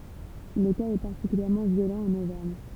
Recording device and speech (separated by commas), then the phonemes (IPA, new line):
temple vibration pickup, read sentence
lə kaz ɛ paʁtikyljɛʁmɑ̃ vjolɑ̃ ɑ̃n ovɛʁɲ